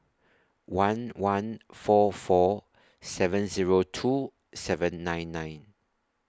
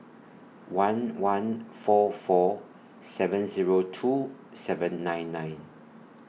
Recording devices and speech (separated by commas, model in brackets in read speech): standing microphone (AKG C214), mobile phone (iPhone 6), read sentence